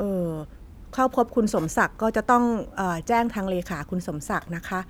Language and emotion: Thai, neutral